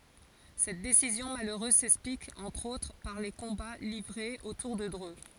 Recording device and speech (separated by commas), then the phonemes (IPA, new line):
forehead accelerometer, read sentence
sɛt desizjɔ̃ maløʁøz sɛksplik ɑ̃tʁ otʁ paʁ le kɔ̃ba livʁez otuʁ də dʁø